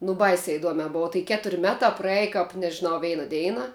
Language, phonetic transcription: Lithuanian, nu ˈbaisia iˈduomia ˈbova tai ˈketur' ˈmetā praˈeji kap nežiˈnau ˈveina ˈdeina

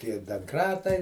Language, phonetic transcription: Lithuanian, tie danˈkratai

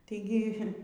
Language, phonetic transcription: Lithuanian, taiˈgi

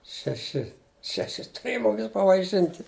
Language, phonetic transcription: Lithuanian, šeˈši šeˈši tuˈrėja muˈmis pavaiˈšinti

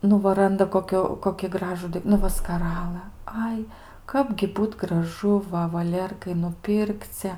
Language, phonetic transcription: Lithuanian, ˈnu va ˈranda koˈkiu koki ˈgražu nu ˈva skaˈralɘ ˈai ˈkapgi ˈbūt graˈžu ˈva vaˈlėrkai nuˈpirkce

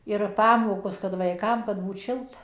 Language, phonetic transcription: Lithuanian, ir ˈpamokos kad vaiˈkam kad ˈbūt ˈšilta

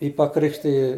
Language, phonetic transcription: Lithuanian, ˈjį paˈkrikštiji

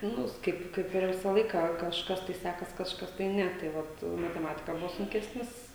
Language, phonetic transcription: Lithuanian, ˈnus ˈkaip ˈkaip ir ˈvisą ˈlaiką kažˈkas tai ˈsækas kažˈkas tai ˈne tai ˈvat mateˈmatika ˈbuvo sunˈkesnis

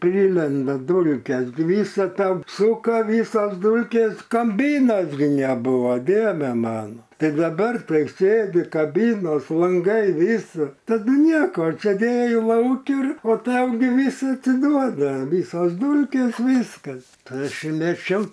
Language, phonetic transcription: Lithuanian, ˈpridlenda ˈdulkes gi ˈvysa tam ˈsūka ˈvysos ˈdūlkės kaˈbynos gi neˈbuvo ˈdieve ˈmano ˈtai daˈbar ˈtai ˈsėdi kaˈbynos lanˈgai ˈvysa taˈdu ˈnieko sėˈdėji ˈlauki ir o ˈtau gi ˈvys atsiˈduoda ˈvysos ˈdūlkės ˈvyskas ˈtai ˈaš i meˈčiau

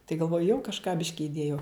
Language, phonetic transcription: Lithuanian, tai galˈvoju jau kažˈką ˈbiški iˈdėjau

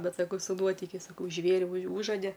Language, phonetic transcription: Lithuanian, ˈbet saˈkau su ˈnuotikiais saˈkau ˈžvėri už ˈūžode

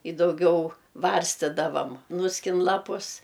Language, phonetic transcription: Lithuanian, i dauˈgiau ˈvarstidavam ˈnuskin ˈlapus

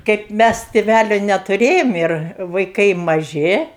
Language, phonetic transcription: Lithuanian, kaip ˈmæs tėˈvælio netuˈrėjom ir vaiˈkai maˈži

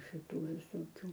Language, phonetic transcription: Lithuanian, šiˈtų visoˈkių

